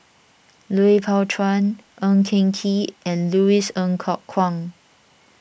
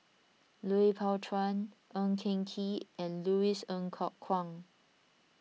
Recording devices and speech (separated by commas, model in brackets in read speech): boundary microphone (BM630), mobile phone (iPhone 6), read sentence